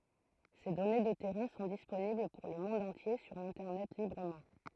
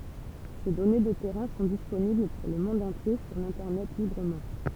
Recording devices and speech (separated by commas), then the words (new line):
throat microphone, temple vibration pickup, read sentence
Ces données de terrains sont disponibles pour le monde entier sur l'Internet librement.